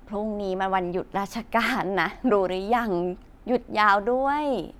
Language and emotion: Thai, happy